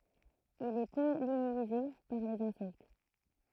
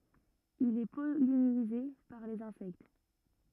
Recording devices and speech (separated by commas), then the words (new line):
throat microphone, rigid in-ear microphone, read sentence
Il est pollinisé par les insectes.